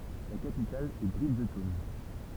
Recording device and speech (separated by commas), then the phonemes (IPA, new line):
temple vibration pickup, read sentence
la kapital ɛ bʁidʒtɔwn